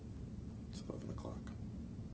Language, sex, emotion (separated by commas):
English, male, neutral